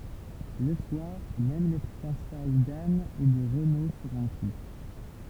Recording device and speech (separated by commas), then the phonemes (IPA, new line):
temple vibration pickup, read sentence
lə swaʁ mɛm le fjɑ̃saj dan e də ʁəno sɔ̃ ʁɔ̃py